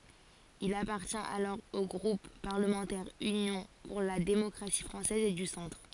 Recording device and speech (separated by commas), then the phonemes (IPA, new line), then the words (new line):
forehead accelerometer, read sentence
il apaʁtjɛ̃t alɔʁ o ɡʁup paʁləmɑ̃tɛʁ ynjɔ̃ puʁ la demɔkʁasi fʁɑ̃sɛz e dy sɑ̃tʁ
Il appartient alors au groupe parlementaire Union pour la démocratie française et du centre.